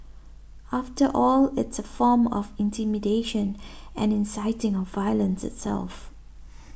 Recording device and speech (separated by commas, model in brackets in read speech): boundary microphone (BM630), read sentence